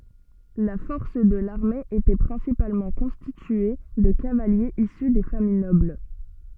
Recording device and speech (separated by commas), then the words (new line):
soft in-ear microphone, read sentence
La force de l’armée était principalement constituée de cavaliers issus des familles nobles.